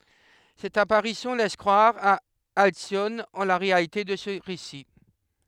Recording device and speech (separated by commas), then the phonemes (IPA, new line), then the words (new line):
headset microphone, read sentence
sɛt apaʁisjɔ̃ lɛs kʁwaʁ a alsjɔn ɑ̃ la ʁealite də sə ʁesi
Cette apparition laisse croire à Alcyone en la réalité de ce récit.